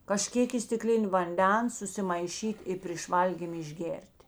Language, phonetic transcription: Lithuanian, kaˈžkėk i stiˈklin' vanˈdens susimaiˈšyt' i prėš ˈvalgym išˈgėr't'

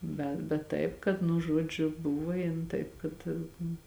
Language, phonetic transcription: Lithuanian, ˈbe bet ˈtaip kad nu ˈžuodžiu ˈbuva ˈjin ˈtaip kad

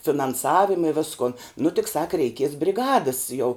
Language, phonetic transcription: Lithuanian, finanˈsavima i ˈviskun nu tik sak reiˈkies briˈgadəs jau

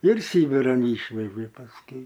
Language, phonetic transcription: Lithuanian, ir ˈsybiran ˈyšvežė pasˈkiui

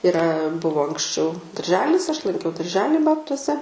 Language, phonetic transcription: Lithuanian, iˈra ˈbuvo anksˈčiau darˈželis aš lanˈkiau darˈželį ˈbabtuose

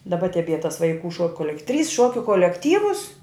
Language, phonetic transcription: Lithuanian, daˈba teˈbie tas vaiˈkų šok koˈlek trys ˈšuokiu kolekˈtyvus

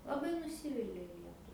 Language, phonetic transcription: Lithuanian, laˈbai nuˈsyvilia ˈlietu

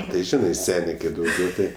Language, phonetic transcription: Lithuanian, tai ˈžinai ˈsenė kai ˈdaugiau ti

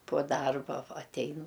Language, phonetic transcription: Lithuanian, po ˈdarba ˈva atˈein

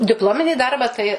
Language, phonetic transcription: Lithuanian, dipˈlominį ˈdarbą tai

